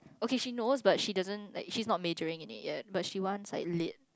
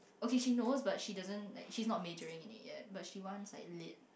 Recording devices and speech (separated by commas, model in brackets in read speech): close-talking microphone, boundary microphone, conversation in the same room